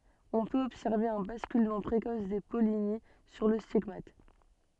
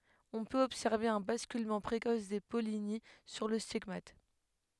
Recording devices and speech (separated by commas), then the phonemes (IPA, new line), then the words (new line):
soft in-ear microphone, headset microphone, read sentence
ɔ̃ pøt ɔbsɛʁve œ̃ baskylmɑ̃ pʁekɔs de pɔlini syʁ lə stiɡmat
On peut observer un basculement précoce des pollinies sur le stigmate.